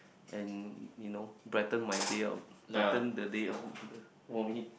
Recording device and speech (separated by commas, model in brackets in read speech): boundary microphone, conversation in the same room